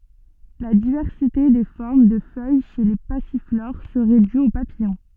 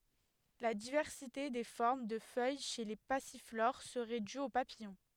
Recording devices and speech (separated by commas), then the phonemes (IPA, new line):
soft in-ear microphone, headset microphone, read sentence
la divɛʁsite de fɔʁm də fœj ʃe le pasifloʁ səʁɛ dy o papijɔ̃